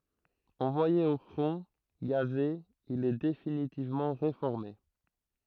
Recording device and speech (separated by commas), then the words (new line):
throat microphone, read sentence
Envoyé au front, gazé, il est définitivement réformé.